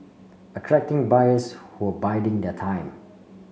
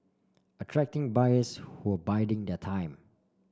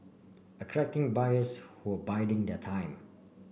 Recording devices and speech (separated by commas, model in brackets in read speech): mobile phone (Samsung C5), standing microphone (AKG C214), boundary microphone (BM630), read sentence